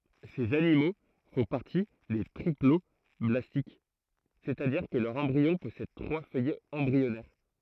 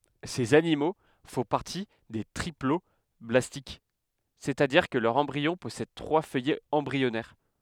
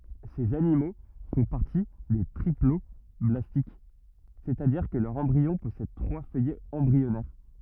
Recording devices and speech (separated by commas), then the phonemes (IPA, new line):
throat microphone, headset microphone, rigid in-ear microphone, read sentence
sez animo fɔ̃ paʁti de tʁiplɔblastik sɛstadiʁ kə lœʁ ɑ̃bʁiɔ̃ pɔsɛd tʁwa fœjɛz ɑ̃bʁiɔnɛʁ